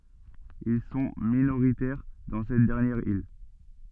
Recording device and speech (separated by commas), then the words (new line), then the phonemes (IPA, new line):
soft in-ear microphone, read sentence
Ils sont minoritaires dans cette dernière île.
il sɔ̃ minoʁitɛʁ dɑ̃ sɛt dɛʁnjɛʁ il